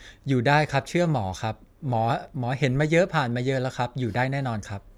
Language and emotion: Thai, neutral